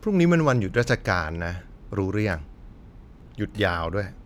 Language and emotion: Thai, frustrated